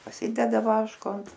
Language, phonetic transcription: Lithuanian, paˈsideda ˈvaško ant

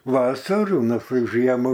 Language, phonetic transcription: Lithuanian, ˈvasarų ˈnu ˈtai ˈžiemu

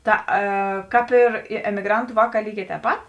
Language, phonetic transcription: Lithuanian, ˈta e ˈkāp ir ˈi emiˈgrantu ˈvāˌkā ˈlyˌgē tēp ˈpat

